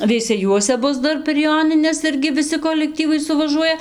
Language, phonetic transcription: Lithuanian, veiseˈjuose ˈbus ˈdar per ˈjonines ˈirgi viˈsi kolekˈtyvai suvaˈžuoja

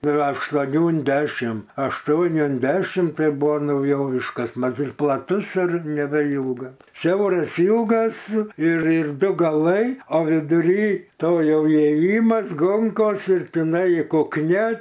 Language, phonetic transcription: Lithuanian, ˈdar aštuoˈnių un ˈdešim ašˈtuoni un ˈdešim ˈtai ˈbuvo nauˈjoviškas ˈmat ir plaˈtus ir nebeˈylga ˈsiauras ˈylgas ir ir ˈdu gaˈlai o viduˈry ˈto ˈjau įėˈjymas ˈgonkos ir tiˈnai kukˈnia

